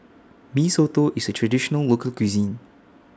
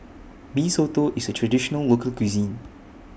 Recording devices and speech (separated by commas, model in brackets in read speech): standing microphone (AKG C214), boundary microphone (BM630), read sentence